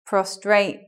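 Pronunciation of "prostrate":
The word is said as 'prostrate' instead of 'prostate', which is a common mispronunciation. It is pronounced incorrectly here.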